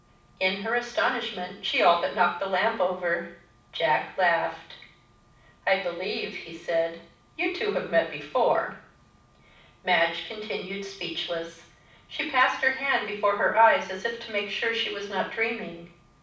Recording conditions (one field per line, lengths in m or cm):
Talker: one person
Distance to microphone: 5.8 m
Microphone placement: far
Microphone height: 1.8 m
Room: medium-sized (5.7 m by 4.0 m)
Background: none